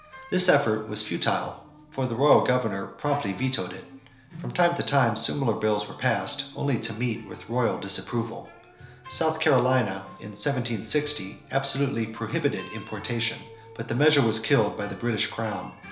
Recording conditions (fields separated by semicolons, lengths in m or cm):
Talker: one person; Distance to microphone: 1.0 m; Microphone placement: close; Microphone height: 1.1 m; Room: small (3.7 m by 2.7 m); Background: music